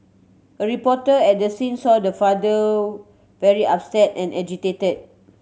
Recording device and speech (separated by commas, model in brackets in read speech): mobile phone (Samsung C7100), read sentence